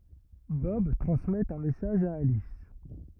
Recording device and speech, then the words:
rigid in-ear microphone, read sentence
Bob transmet un message à Alice.

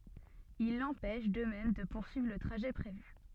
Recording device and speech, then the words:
soft in-ear microphone, read sentence
Il l'empêche, de même, de poursuivre le trajet prévu.

